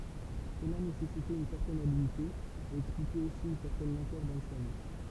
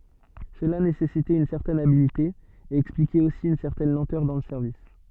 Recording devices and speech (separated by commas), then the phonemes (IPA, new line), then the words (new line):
temple vibration pickup, soft in-ear microphone, read sentence
səla nesɛsitɛt yn sɛʁtɛn abilte e ɛksplikɛt osi yn sɛʁtɛn lɑ̃tœʁ dɑ̃ lə sɛʁvis
Cela nécessitait une certaine habileté, et expliquait aussi une certaine lenteur dans le service.